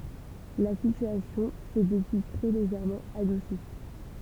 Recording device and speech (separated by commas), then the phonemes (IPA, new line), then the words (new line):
temple vibration pickup, read sentence
la sityasjɔ̃ sɛ dəpyi tʁɛ leʒɛʁmɑ̃ adusi
La situation s'est depuis très légèrement adoucie.